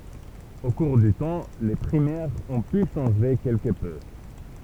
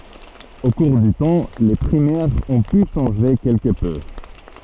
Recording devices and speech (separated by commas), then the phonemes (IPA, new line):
temple vibration pickup, soft in-ear microphone, read sentence
o kuʁ dy tɑ̃ le pʁimɛʁz ɔ̃ py ʃɑ̃ʒe kɛlkə pø